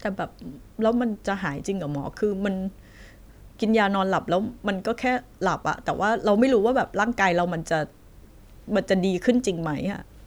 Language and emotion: Thai, sad